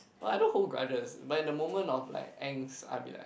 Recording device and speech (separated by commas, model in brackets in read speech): boundary microphone, conversation in the same room